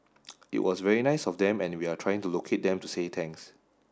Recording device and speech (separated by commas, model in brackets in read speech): standing microphone (AKG C214), read sentence